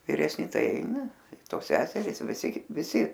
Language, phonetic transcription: Lithuanian, viresˈni ˈtai ˈaina ˈtos ˈseseris viˈsi viˈsi

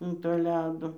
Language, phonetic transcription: Lithuanian, an to ˈledo

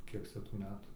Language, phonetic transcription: Lithuanian, ˈkiek cia tų ˈmetų

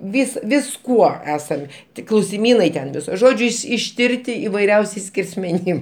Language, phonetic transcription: Lithuanian, ˈvis visˈkuo ˈesam ˈtik klausiˈmynai ten viˈso ˈžodžiu iš išˈtirti ivaiˈriausiais skersmeˈnim

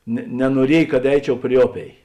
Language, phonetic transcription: Lithuanian, ne nenuoˈriej kad ˈeičiau pri ˈoˌpėi

